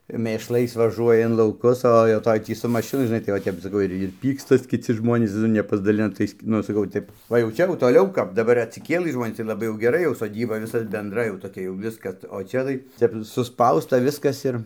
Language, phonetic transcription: Lithuanian, mėšˈlais vaˈžuoja in lauˈkus o jau ˈtoj tį su mašiˈnu žiˈnai tai va ˈtep saˈkau ir ir ˈpykstas kiˈci ˈžmonys ˈnu nepasdaˈlina ˈtais ˈnu aš saˈkau ˈtep ˈva jau ˈčia jau toˈliau kap daˈbar atsiˈkėlɨ ˈžmonys tai laˈbai jau geˈra jau soˈdyba ˈvisa benˈdrai jau toˈkia jau ˈviskas o ˈčia tai ˈtep suˈspausta ˈviskas ir

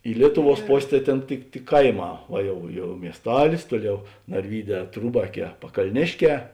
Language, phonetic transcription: Lithuanian, i ˈlietuˌvuos ˈpos' tai ˈtėn tik tik ˈkaiˌmā o ˈjau ˈjau miesˈtalis ˈtuoˌliau narˈvyˌdē ˈtrūbaˌkē pakalˈnėšˌkē

